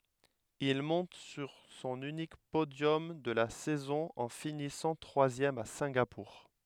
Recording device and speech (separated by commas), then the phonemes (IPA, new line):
headset microphone, read sentence
il mɔ̃t syʁ sɔ̃n ynik podjɔm də la sɛzɔ̃ ɑ̃ finisɑ̃ tʁwazjɛm a sɛ̃ɡapuʁ